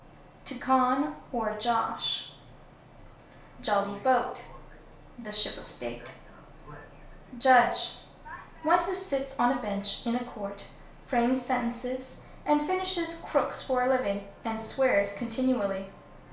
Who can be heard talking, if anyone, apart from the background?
One person.